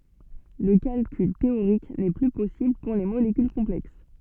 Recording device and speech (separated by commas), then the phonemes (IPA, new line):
soft in-ear microphone, read sentence
lə kalkyl teoʁik nɛ ply pɔsibl puʁ le molekyl kɔ̃plɛks